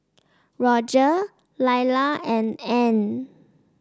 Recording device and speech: standing microphone (AKG C214), read sentence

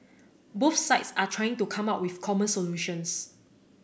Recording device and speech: boundary microphone (BM630), read sentence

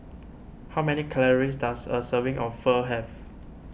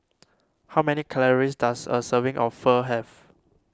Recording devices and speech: boundary microphone (BM630), standing microphone (AKG C214), read sentence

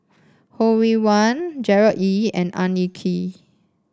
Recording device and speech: standing microphone (AKG C214), read sentence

